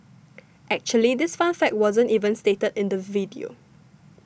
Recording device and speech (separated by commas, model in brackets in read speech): boundary microphone (BM630), read sentence